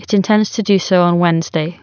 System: none